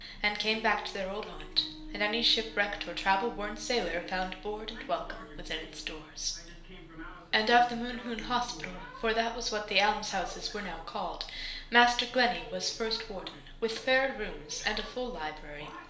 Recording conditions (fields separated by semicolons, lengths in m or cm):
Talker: one person; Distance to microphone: 1.0 m; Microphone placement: close; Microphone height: 1.1 m; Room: small (3.7 m by 2.7 m); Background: television